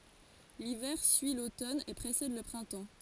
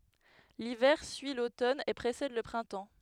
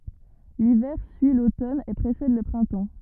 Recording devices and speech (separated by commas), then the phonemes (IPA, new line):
forehead accelerometer, headset microphone, rigid in-ear microphone, read sentence
livɛʁ syi lotɔn e pʁesɛd lə pʁɛ̃tɑ̃